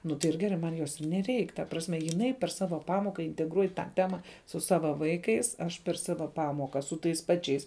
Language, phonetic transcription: Lithuanian, ˈnu tai ir ˈgerai ˈman ˈjos ir neˈreik ta ˈprasme jiˈnai per ˈsava ˈpamoka integˈruoj tą ˈtema su ˈsava ˈvaikais ˈaš per ˈsava ˈpamoka su ˈtais ˈpačiais

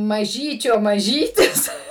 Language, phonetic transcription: Lithuanian, maˈžyčio maˈžytis

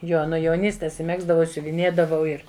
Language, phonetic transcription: Lithuanian, ˈjo nu jauˈnystės i ˈmegzdavau i siuviˈnėdavau ˈir

